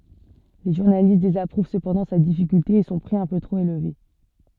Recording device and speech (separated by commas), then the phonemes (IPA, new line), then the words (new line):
soft in-ear microphone, read sentence
le ʒuʁnalist dezapʁuv səpɑ̃dɑ̃ sa difikylte e sɔ̃ pʁi œ̃ pø tʁop elve
Les journalistes désapprouvent cependant sa difficulté et son prix un peu trop élevé.